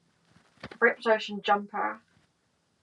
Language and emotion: English, disgusted